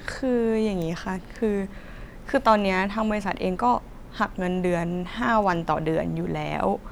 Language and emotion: Thai, frustrated